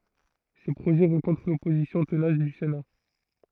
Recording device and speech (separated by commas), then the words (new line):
throat microphone, read sentence
Ces projets rencontrent l’opposition tenace du Sénat.